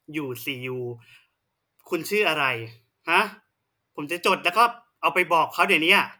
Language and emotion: Thai, angry